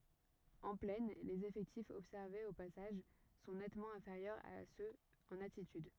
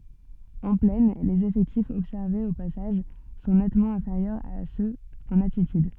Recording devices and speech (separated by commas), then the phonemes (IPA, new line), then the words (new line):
rigid in-ear microphone, soft in-ear microphone, read sentence
ɑ̃ plɛn lez efɛktifz ɔbsɛʁvez o pasaʒ sɔ̃ nɛtmɑ̃ ɛ̃feʁjœʁz a søz ɑ̃n altityd
En plaine, les effectifs observés au passage sont nettement inférieurs à ceux en altitude.